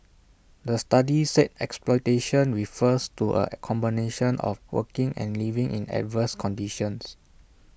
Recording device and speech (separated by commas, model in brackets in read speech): boundary microphone (BM630), read sentence